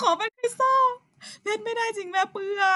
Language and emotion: Thai, sad